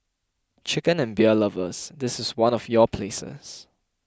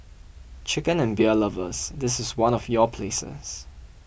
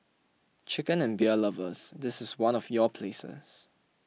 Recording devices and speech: close-talking microphone (WH20), boundary microphone (BM630), mobile phone (iPhone 6), read sentence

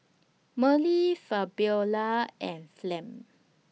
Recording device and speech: mobile phone (iPhone 6), read sentence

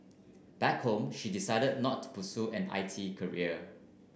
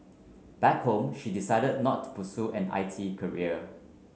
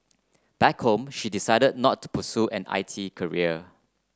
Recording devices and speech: boundary microphone (BM630), mobile phone (Samsung C9), close-talking microphone (WH30), read sentence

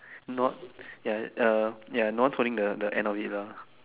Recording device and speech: telephone, conversation in separate rooms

